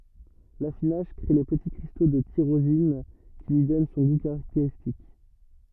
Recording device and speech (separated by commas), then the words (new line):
rigid in-ear microphone, read sentence
L'affinage crée les petits cristaux de tyrosine qui lui donnent son goût caractéristique.